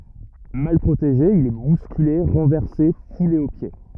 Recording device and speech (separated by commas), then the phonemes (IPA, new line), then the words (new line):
rigid in-ear microphone, read sentence
mal pʁoteʒe il ɛ buskyle ʁɑ̃vɛʁse fule o pje
Mal protégé, il est bousculé, renversé, foulé aux pieds.